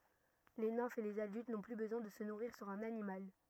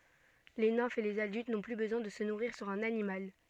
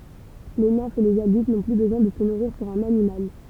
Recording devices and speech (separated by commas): rigid in-ear microphone, soft in-ear microphone, temple vibration pickup, read sentence